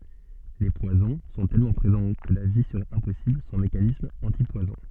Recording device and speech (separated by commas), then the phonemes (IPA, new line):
soft in-ear microphone, read sentence
le pwazɔ̃ sɔ̃ tɛlmɑ̃ pʁezɑ̃ kə la vi səʁɛt ɛ̃pɔsibl sɑ̃ mekanismz ɑ̃tipwazɔ̃